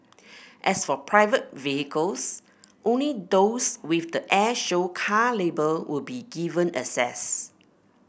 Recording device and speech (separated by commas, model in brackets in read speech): boundary microphone (BM630), read sentence